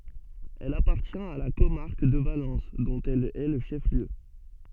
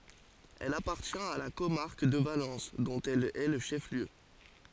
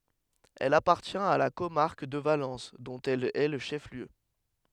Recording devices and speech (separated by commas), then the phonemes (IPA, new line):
soft in-ear microphone, forehead accelerometer, headset microphone, read sentence
ɛl apaʁtjɛ̃t a la komaʁk də valɑ̃s dɔ̃t ɛl ɛ lə ʃɛf ljø